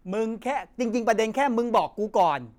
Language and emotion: Thai, angry